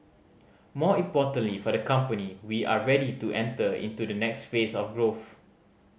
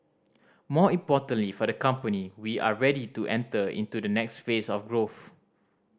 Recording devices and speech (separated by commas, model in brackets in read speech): mobile phone (Samsung C5010), standing microphone (AKG C214), read sentence